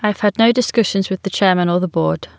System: none